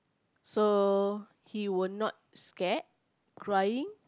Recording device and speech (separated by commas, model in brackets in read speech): close-talking microphone, conversation in the same room